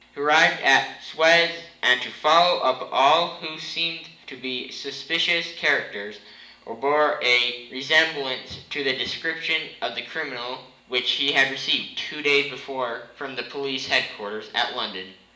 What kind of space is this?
A large space.